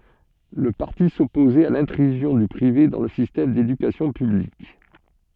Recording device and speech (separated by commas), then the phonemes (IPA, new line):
soft in-ear microphone, read sentence
lə paʁti sɔpozɛt a lɛ̃tʁyzjɔ̃ dy pʁive dɑ̃ lə sistɛm dedykasjɔ̃ pyblik